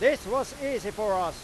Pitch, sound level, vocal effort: 260 Hz, 104 dB SPL, very loud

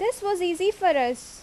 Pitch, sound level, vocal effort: 370 Hz, 86 dB SPL, loud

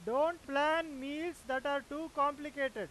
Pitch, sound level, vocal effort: 285 Hz, 101 dB SPL, very loud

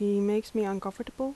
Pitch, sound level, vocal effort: 210 Hz, 81 dB SPL, soft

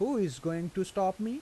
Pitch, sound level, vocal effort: 190 Hz, 88 dB SPL, normal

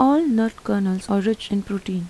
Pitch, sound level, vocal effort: 205 Hz, 81 dB SPL, soft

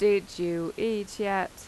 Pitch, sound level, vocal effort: 200 Hz, 87 dB SPL, normal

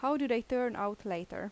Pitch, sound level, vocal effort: 230 Hz, 84 dB SPL, normal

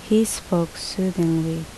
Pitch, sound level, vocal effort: 175 Hz, 74 dB SPL, normal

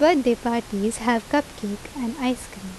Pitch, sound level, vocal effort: 235 Hz, 80 dB SPL, normal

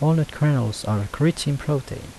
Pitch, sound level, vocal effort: 140 Hz, 78 dB SPL, soft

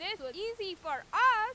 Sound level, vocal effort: 104 dB SPL, very loud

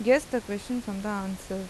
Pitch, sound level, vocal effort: 205 Hz, 84 dB SPL, normal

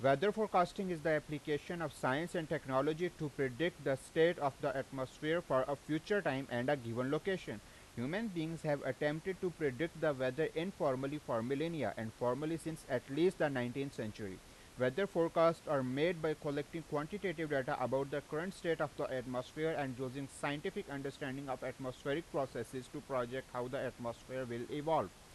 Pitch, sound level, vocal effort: 145 Hz, 91 dB SPL, loud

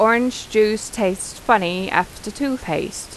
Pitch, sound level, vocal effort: 215 Hz, 85 dB SPL, normal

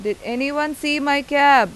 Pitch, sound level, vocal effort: 280 Hz, 93 dB SPL, very loud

